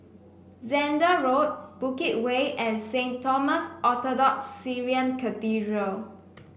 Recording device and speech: boundary microphone (BM630), read sentence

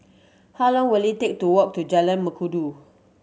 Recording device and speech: mobile phone (Samsung C7100), read sentence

